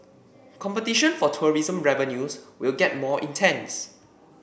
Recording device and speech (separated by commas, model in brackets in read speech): boundary microphone (BM630), read sentence